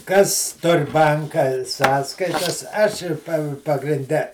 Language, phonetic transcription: Lithuanian, ˈkas ˈtur ˈbanka ˈsąskaitas ˈaš ˈir pa pagrinˈde

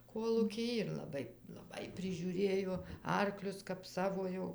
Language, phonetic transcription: Lithuanian, ˈkolūkij ir laˈbai laˈbai prižiūˈrėjo ˈarklius kap ˈsavo jau

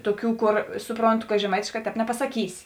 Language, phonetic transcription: Lithuanian, ˈtoˌkių ˈkor ˈsupronˌtu ka žeˈmaitėšˌkā ˈtēp nepasaˈkysi

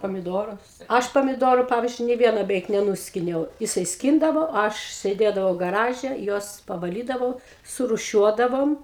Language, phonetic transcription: Lithuanian, pamiˈdorus ˈaš pamiˈdorų ˈpavyzdžiui nė ˈvieno beˈveik neˈnuskiniau jiˈsai ˈskyndavo ˈaš sėˈdėdavau gaˈraže ˈjuos pavaˈlydavau surūˈšiuodavom

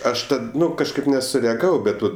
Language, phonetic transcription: Lithuanian, ˈaš ˈtad ˈnu kažˈkaip nesureaˈgavau ˈbet vat

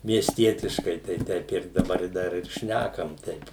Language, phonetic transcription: Lithuanian, miesˈtietiškai tai ˈteip ir daˈbar i ˈdar ir ˈšnækam ˈteip

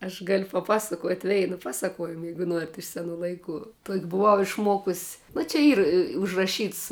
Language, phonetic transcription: Lithuanian, aš gal' paˈpasakot' ˈveinu ˈpaˌsakoujimu ˈjeigu ˈnuorit iš seˈnų laiˈkų tuok' buˈvau išˈmuokus nu čia ˈyr i užraˈšyts

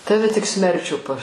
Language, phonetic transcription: Lithuanian, ˈtave tik ˈsmerčių pa

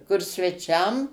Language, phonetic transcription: Lithuanian, kur sveˈčiam

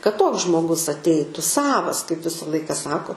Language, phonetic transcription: Lithuanian, kad ˈtoks žmoˈgus atˈeitu ˈsavas kaip ˈvisa ˈlaika ˈsako

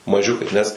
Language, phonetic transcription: Lithuanian, maˈžiukai nes

